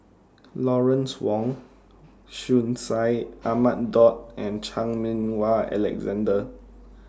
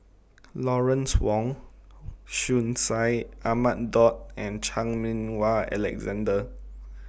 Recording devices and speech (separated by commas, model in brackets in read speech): standing microphone (AKG C214), boundary microphone (BM630), read sentence